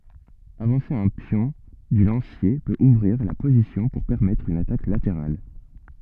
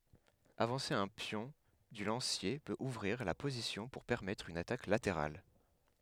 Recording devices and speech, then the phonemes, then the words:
soft in-ear microphone, headset microphone, read sentence
avɑ̃se œ̃ pjɔ̃ dy lɑ̃sje pøt uvʁiʁ la pozisjɔ̃ puʁ pɛʁmɛtʁ yn atak lateʁal
Avancer un pion du lancier peut ouvrir la position pour permettre une attaque latérale.

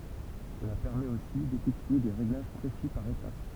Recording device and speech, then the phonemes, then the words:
temple vibration pickup, read sentence
səla pɛʁmɛt osi defɛktye de ʁeɡlaʒ pʁesi paʁ etap
Cela permet aussi d'effectuer des réglages précis par étape.

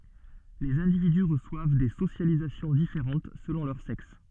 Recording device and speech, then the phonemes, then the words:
soft in-ear microphone, read sentence
lez ɛ̃dividy ʁəswav de sosjalizasjɔ̃ difeʁɑ̃t səlɔ̃ lœʁ sɛks
Les individus reçoivent des socialisations différentes selon leur sexe.

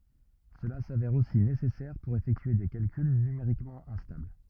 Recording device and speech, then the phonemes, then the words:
rigid in-ear microphone, read sentence
səla savɛʁ osi nesɛsɛʁ puʁ efɛktye de kalkyl nymeʁikmɑ̃ ɛ̃stabl
Cela s'avère aussi nécessaire pour effectuer des calculs numériquement instables.

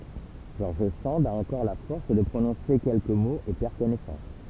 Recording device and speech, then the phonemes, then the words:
temple vibration pickup, read sentence
ʒɔʁʒ sɑ̃d a ɑ̃kɔʁ la fɔʁs də pʁonɔ̃se kɛlkə moz e pɛʁ kɔnɛsɑ̃s
George Sand a encore la force de prononcer quelques mots et perd connaissance.

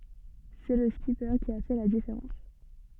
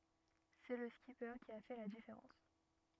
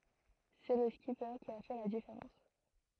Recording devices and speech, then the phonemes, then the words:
soft in-ear microphone, rigid in-ear microphone, throat microphone, read sentence
sɛ lə skipe ki a fɛ la difeʁɑ̃s
C'est le skipper qui a fait la différence.

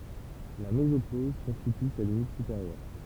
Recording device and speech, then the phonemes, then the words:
temple vibration pickup, read sentence
la mezopoz kɔ̃stity sa limit sypeʁjœʁ
La mésopause constitue sa limite supérieure.

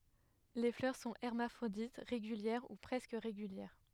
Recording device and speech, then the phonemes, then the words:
headset microphone, read sentence
le flœʁ sɔ̃ ɛʁmafʁodit ʁeɡyljɛʁ u pʁɛskə ʁeɡyljɛʁ
Les fleurs sont hermaphrodites, régulières ou presque régulières.

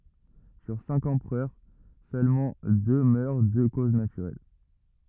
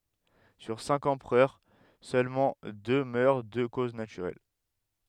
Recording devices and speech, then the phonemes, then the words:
rigid in-ear microphone, headset microphone, read sentence
syʁ sɛ̃k ɑ̃pʁœʁ sølmɑ̃ dø mœʁ də koz natyʁɛl
Sur cinq empereurs, seulement deux meurent de cause naturelle.

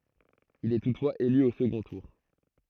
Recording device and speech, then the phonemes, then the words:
throat microphone, read sentence
il ɛ tutfwaz ely o səɡɔ̃ tuʁ
Il est toutefois élu au second tour.

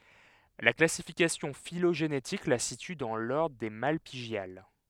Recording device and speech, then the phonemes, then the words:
headset microphone, read sentence
la klasifikasjɔ̃ filoʒenetik la sity dɑ̃ lɔʁdʁ de malpiɡjal
La classification phylogénétique la situe dans l'ordre des Malpighiales.

